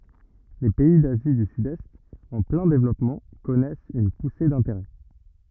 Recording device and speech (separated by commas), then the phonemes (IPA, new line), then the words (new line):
rigid in-ear microphone, read sentence
le pɛi dazi dy sydɛst ɑ̃ plɛ̃ devlɔpmɑ̃ kɔnɛst yn puse dɛ̃teʁɛ
Les pays d'Asie du Sud-Est, en plein développement, connaissent une poussée d'intérêts.